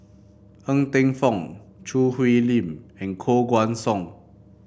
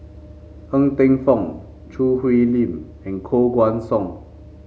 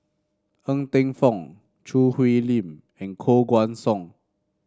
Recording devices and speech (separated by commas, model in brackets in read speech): boundary microphone (BM630), mobile phone (Samsung C5), standing microphone (AKG C214), read sentence